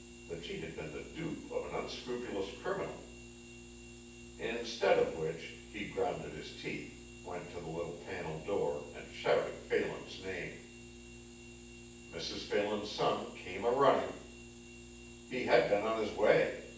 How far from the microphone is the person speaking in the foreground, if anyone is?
9.8 m.